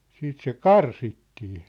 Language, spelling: Finnish, sitten se karsittiin
- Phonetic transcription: 'siit se "karsittii .

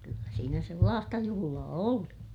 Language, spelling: Finnish, kyllä siinä sellaista juhlaa oli
- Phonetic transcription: kyllä siinä sellaasta juhulaa oli .

